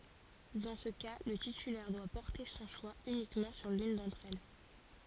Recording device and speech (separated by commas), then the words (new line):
forehead accelerometer, read sentence
Dans ce cas le titulaire doit porter son choix uniquement sur l'une d'entre elles.